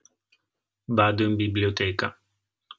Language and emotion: Italian, neutral